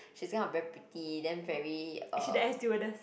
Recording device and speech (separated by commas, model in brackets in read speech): boundary microphone, conversation in the same room